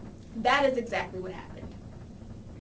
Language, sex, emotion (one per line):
English
female
neutral